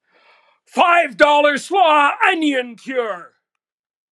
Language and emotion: English, happy